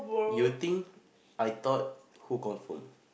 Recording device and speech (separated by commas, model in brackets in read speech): boundary microphone, conversation in the same room